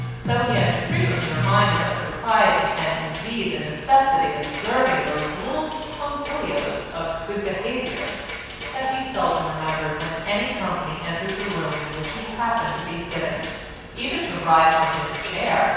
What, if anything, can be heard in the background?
Music.